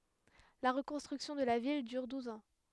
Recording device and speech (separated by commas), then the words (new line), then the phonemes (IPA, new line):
headset microphone, read sentence
La reconstruction de la ville dure douze ans.
la ʁəkɔ̃stʁyksjɔ̃ də la vil dyʁ duz ɑ̃